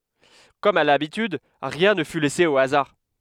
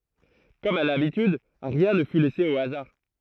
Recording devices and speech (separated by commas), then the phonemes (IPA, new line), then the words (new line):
headset microphone, throat microphone, read sentence
kɔm a labityd ʁiɛ̃ nə fy lɛse o azaʁ
Comme à l'habitude, rien ne fut laissé au hasard.